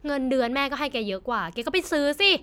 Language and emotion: Thai, frustrated